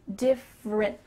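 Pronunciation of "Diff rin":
'Different' is said as 'diff-rin', with a clear F sound. It ends in a stopped T, and no final puff of air comes out.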